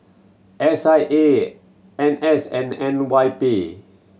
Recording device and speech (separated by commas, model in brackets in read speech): mobile phone (Samsung C7100), read sentence